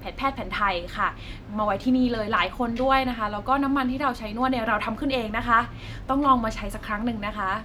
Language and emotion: Thai, neutral